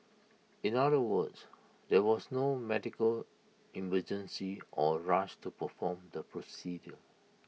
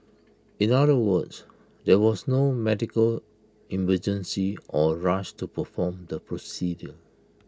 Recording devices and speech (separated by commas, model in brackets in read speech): mobile phone (iPhone 6), close-talking microphone (WH20), read sentence